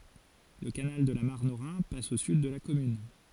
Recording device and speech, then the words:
forehead accelerometer, read sentence
Le canal de la Marne au Rhin passe au sud de la commune.

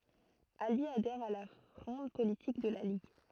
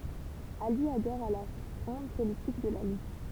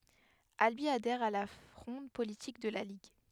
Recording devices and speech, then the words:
throat microphone, temple vibration pickup, headset microphone, read sentence
Albi adhère à la fronde politique de la Ligue.

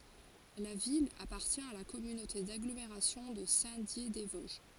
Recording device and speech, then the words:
forehead accelerometer, read sentence
La ville appartient à la communauté d'agglomération de Saint-Dié-des-Vosges.

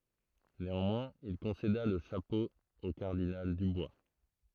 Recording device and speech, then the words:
throat microphone, read sentence
Néanmoins, il concéda le chapeau au cardinal Dubois.

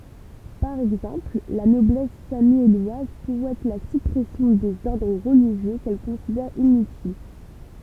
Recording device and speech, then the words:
temple vibration pickup, read sentence
Par exemple, la Noblesse sammielloise souhaite la suppression des ordres religieux qu'elle considère inutiles.

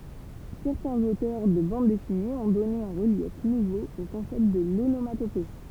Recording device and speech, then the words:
temple vibration pickup, read sentence
Certains auteurs de bandes dessinées ont donné un relief nouveau au concept de l'onomatopée.

